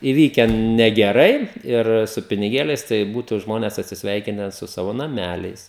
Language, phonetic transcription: Lithuanian, įˈvyken negeˈrai ir su piniˈgėliais tai ˈbūtu ˈžmones atsisˈveikine su ˈsavo naˈmæliais

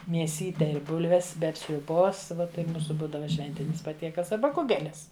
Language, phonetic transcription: Lithuanian, mieˈsyte i ˈbulves ˈbet sriuˈbos ˈva tai ˈmūsu ˈbūdava ˈšventinis paˈtiekals aˈba ˈkugelis

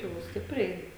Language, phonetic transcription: Lithuanian, jau ˈstipriai

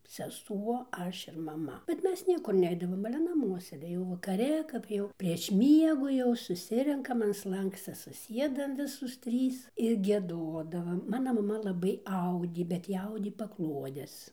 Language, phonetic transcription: Lithuanian, seˈsuo ˈaš ir maˈma bet ˈmes ˈniekur ˈneidavom ale ˈnamuos sėˈdėjau vakaˈre kap ˈjau prieš ˈmiegu jau suˈsirenkam an ˈslankscia suˈsiedam ˈvisos ˈtrys ir gieˈdodavam ˈmana maˈma laˈbai ˈaudė bet ˈji ˈaudė paˈkluodes

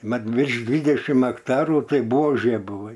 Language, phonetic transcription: Lithuanian, ˈmat virš ˈdvydešim akˈtarų ˈtai ˈbuožė buˈvai

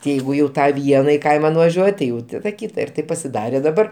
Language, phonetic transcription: Lithuanian, ti ˈjeigu jau ˈtą ˈvieną i ˈkaima nuvažiuot' ti jau ˈtada ˈkyta ir ˈtaip pasiˈdarė daˈbar

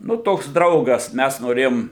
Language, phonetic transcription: Lithuanian, ˈnu ˈtoks ˈdraugas ˈmæs noˈrėjom

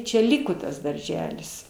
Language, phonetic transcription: Lithuanian, čia ˈliko tas darˈželis

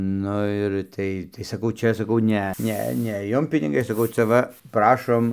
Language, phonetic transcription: Lithuanian, ˈnu ir ˈtai tai saˈkau ˈčia saˈkau ˈne ˈne ne ˈjum piniˈgai saˈkau cia ˈva ˈprašom

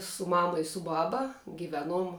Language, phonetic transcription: Lithuanian, su ˈmama i su ˈbaba giˈveˌnuom

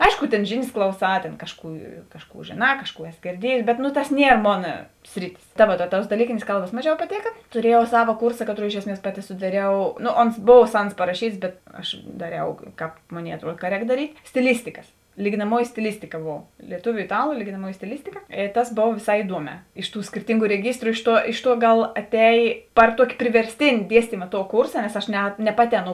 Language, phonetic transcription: Lithuanian, ˈaišku tėn ˈžėˌnės ˈklauˌsā tėn ˈkažˌkų ˈkažˌkų žėˈnā ˈkažˌkų ˈesi girˈdiejės bet no tas ˈnier ˈmona ˈsriˌtis ta ˈvuo ta tuos daˈlykėnės ˈkalbas ˈmaˌžiau paˈtėka tuˈriejau ˈsava ˈkūrsa ˈkaˌtrou ˈiš esˌmies ˈpaˌti sudaˈriau ˈno ons ˈbov ˈsans paraˈšyts bet ˈaš daˈriau ˈkāp ˈmoˌnėi atˈruod ka ˈrēk daˈryt' stiˈlistikas lyginaˈmuoji stiˈlistika ˈbov lieˈtuviu iˈtalu lyginaˈmuoji stiˈlistika i ˈtas ˈbova vėˈsā iˈduoˌmē ˈiš ˌtų skirˈtyngu reˈgistru ˈiš ˌtuo ˈiš ˌtuo ˈgal aˈtejė ˈpar ˌtuoki priverˈstėni ˈdiestyma tuo ˈkūrsa nes aš ˈne ne ˈpaˌti ˈaˌnų

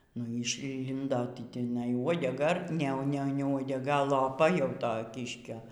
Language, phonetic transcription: Lithuanian, nu y išˈlindo ˈti tiˈnai uodeˈga ˈne ˈne uodega loˈpa jau ˈto ˈkiškio

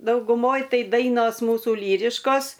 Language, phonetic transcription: Lithuanian, dauguˈmoj ˈtai ˈdainos ˈmūsu ˈlyriškos

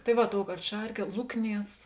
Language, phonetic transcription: Lithuanian, tai ˈva ˈtouˌkart ˈšarˌkie ˈlukˌnies

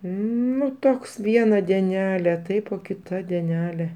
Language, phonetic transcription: Lithuanian, ˈnu ˈtoks ˈviena dieˈnelė ˈtaip o kiˈta dieˈnelė

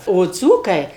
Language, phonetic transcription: Lithuanian, o ˈdzūkai

